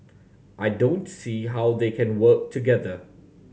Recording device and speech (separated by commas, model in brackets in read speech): mobile phone (Samsung C7100), read sentence